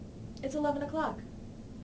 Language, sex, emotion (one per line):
English
female
neutral